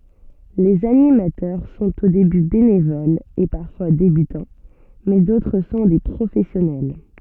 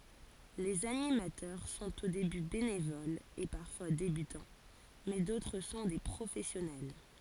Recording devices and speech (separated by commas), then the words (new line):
soft in-ear microphone, forehead accelerometer, read sentence
Les animateurs sont au début bénévoles et parfois débutants mais d'autres sont des professionnels.